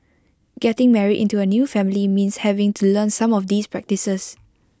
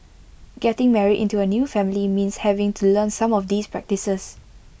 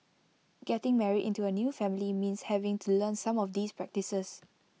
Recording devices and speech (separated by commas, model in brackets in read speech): close-talking microphone (WH20), boundary microphone (BM630), mobile phone (iPhone 6), read sentence